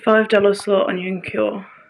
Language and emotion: English, surprised